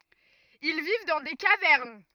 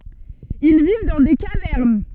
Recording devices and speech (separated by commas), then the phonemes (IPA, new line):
rigid in-ear microphone, soft in-ear microphone, read sentence
il viv dɑ̃ de kavɛʁn